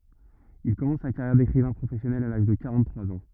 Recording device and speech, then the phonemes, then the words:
rigid in-ear microphone, read sentence
il kɔmɑ̃s sa kaʁjɛʁ dekʁivɛ̃ pʁofɛsjɔnɛl a laʒ də kaʁɑ̃ttʁwaz ɑ̃
Il commence sa carrière d’écrivain professionnel à l’âge de quarante-trois ans.

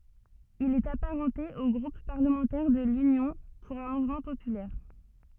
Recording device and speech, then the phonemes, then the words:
soft in-ear microphone, read sentence
il ɛt apaʁɑ̃te o ɡʁup paʁləmɑ̃tɛʁ də lynjɔ̃ puʁ œ̃ muvmɑ̃ popylɛʁ
Il est apparenté au groupe parlementaire de l’Union pour un mouvement populaire.

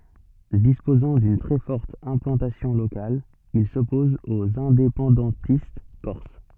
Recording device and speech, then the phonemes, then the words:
soft in-ear microphone, read sentence
dispozɑ̃ dyn tʁɛ fɔʁt ɛ̃plɑ̃tasjɔ̃ lokal il sɔpɔz oz ɛ̃depɑ̃dɑ̃tist kɔʁs
Disposant d’une très forte implantation locale, il s’oppose aux indépendantistes corses.

